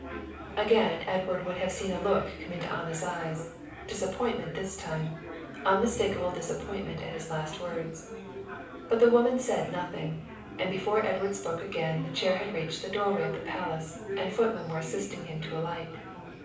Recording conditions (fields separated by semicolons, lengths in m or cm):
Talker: one person; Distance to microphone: 5.8 m; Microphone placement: far; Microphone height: 1.8 m; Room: medium-sized (5.7 m by 4.0 m); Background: babble